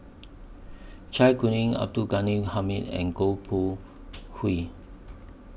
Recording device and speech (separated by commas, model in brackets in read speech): boundary microphone (BM630), read sentence